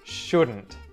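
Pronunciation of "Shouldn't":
The T at the end of 'shouldn't' is pronounced, not muted.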